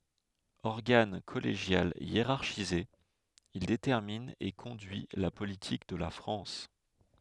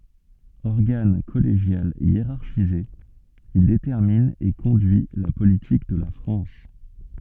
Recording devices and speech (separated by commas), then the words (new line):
headset microphone, soft in-ear microphone, read sentence
Organe collégial hiérarchisé, il détermine et conduit la politique de la France.